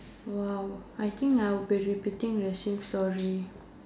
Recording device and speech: standing microphone, conversation in separate rooms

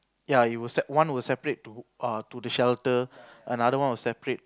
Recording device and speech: close-talking microphone, conversation in the same room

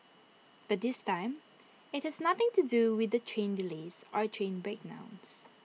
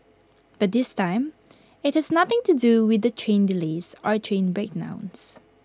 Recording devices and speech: mobile phone (iPhone 6), close-talking microphone (WH20), read sentence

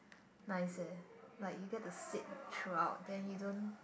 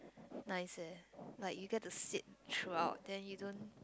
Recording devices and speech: boundary microphone, close-talking microphone, conversation in the same room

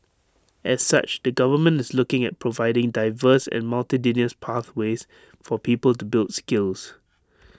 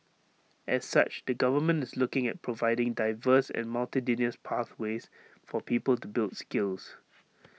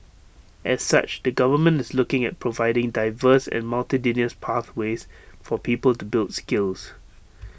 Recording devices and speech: standing microphone (AKG C214), mobile phone (iPhone 6), boundary microphone (BM630), read sentence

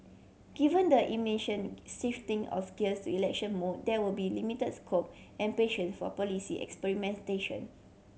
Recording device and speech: mobile phone (Samsung C7100), read sentence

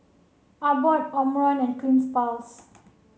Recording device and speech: mobile phone (Samsung C7), read sentence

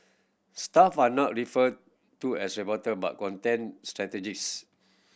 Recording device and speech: boundary microphone (BM630), read sentence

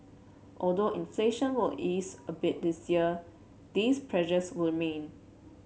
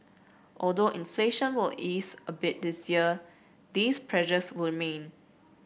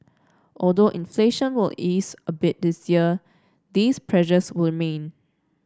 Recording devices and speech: mobile phone (Samsung C7), boundary microphone (BM630), standing microphone (AKG C214), read sentence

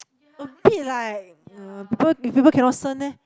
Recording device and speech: close-talking microphone, conversation in the same room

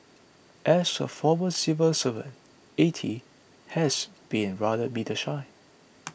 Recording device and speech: boundary microphone (BM630), read sentence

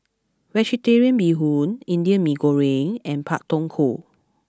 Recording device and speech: close-talking microphone (WH20), read sentence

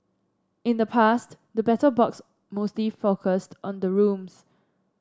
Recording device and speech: standing microphone (AKG C214), read sentence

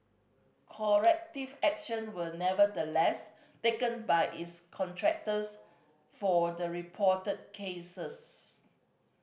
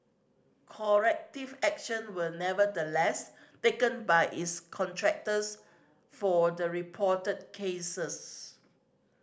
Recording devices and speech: boundary microphone (BM630), standing microphone (AKG C214), read sentence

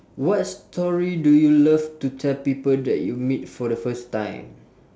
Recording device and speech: standing microphone, conversation in separate rooms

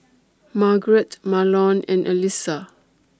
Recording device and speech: standing microphone (AKG C214), read sentence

